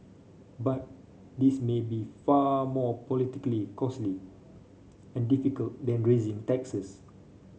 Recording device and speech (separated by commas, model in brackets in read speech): mobile phone (Samsung C5), read sentence